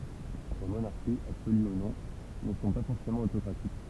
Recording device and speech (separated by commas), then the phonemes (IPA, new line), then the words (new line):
temple vibration pickup, read sentence
le monaʁʃiz absoly u nɔ̃ nə sɔ̃ pa fɔʁsemɑ̃ otokʁatik
Les monarchies, absolues ou non, ne sont pas forcément autocratiques.